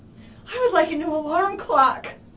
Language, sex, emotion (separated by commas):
English, female, sad